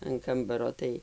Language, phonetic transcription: Lithuanian, an ˈkambaro ˈtai

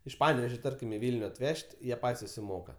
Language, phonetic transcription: Lithuanian, iš ˈpanevežio ˈtarkim i ˈvilniu atˈvež't' ˈjie ˈpat's' susiˈmoka

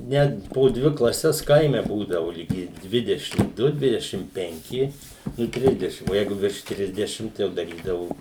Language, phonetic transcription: Lithuanian, ˈnet po ˈdvi klaˈses ˈkaime ˈbūdavo liˈgi ˈdvidešim ˈdu ˈdvidešim penˈki nu ˈtrisdešim o ˈjeigu virš ˈtrisdešim tai ˈjau daˈrydavu

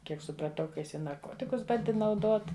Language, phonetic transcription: Lithuanian, ˈkiek supraˈtau ka ˈjis i narˈkotikus ˈbandi nauˈdot

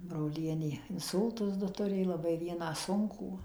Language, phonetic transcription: Lithuanian, broˈlienė inˈsūltus ˈdu tuˈrė laˈbai ˈvieną ˈsunkų

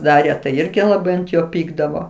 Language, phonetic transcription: Lithuanian, ˈdarė tai ˈirgi laˈbai ant ˈjo ˈpykdavo

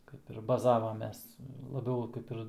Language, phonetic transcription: Lithuanian, kaip ir baˈzavamės laˈbiau ˈkaip ir

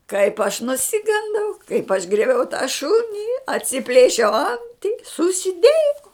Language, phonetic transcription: Lithuanian, kaip aš nuˈsigandau kaip aš grieˈbiau tą ˈšuni atsiˈplėšiau ˈanti susiˈdėjau

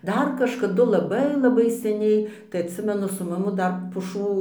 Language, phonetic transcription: Lithuanian, ˈdar kažkaˈdu laˈbai laˈbai seˈniai tai atˈsimenu su maˈmu ˈdar puˈšų

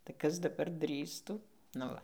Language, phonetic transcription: Lithuanian, tai ˈkas daˈbar ˈdrįstų nu ˈva

